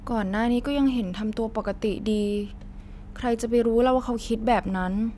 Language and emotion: Thai, frustrated